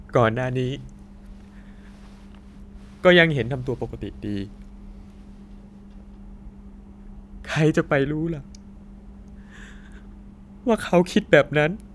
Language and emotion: Thai, sad